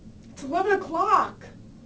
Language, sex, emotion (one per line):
English
female
fearful